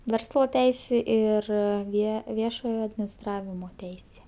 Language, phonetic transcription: Lithuanian, ˈverslo ˈteisė ir ˈvie ˈviešojo adminisˈtravimo ˈteisė

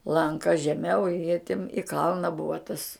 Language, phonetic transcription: Lithuanian, lanˈka žeˈmiau i jie tim i ˈkalna ˈbuva tas

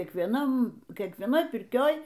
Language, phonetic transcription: Lithuanian, kiekvieˈnam kiekvieˈnoj pirˈkioj

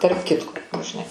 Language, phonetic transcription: Lithuanian, tarp ˈkitko nu žiˈnai

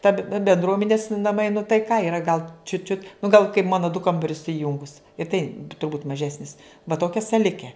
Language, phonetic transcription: Lithuanian, ˈta benˈdruomenis naˈmai nu tai ˈką iˈra gal čiut čiut nu gal kaip ˈmano du ˈkambarius suˈjungus i tai turˈbūt maˈžesnis va ˈtokia saˈlike

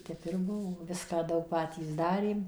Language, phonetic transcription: Lithuanian, ˈtep ir ˈbuvo ˈviską ˈdaug ˈpatys ˈdarėm

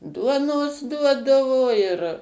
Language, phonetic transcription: Lithuanian, ˈduonos ˈduodavo ir

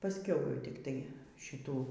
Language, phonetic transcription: Lithuanian, pasˈkiau jau tikˈtai šiˈtų

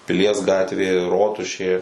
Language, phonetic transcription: Lithuanian, piˈlies ˈgatvė ˈrotušė

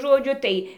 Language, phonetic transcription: Lithuanian, žoˈdžiu ˈtai

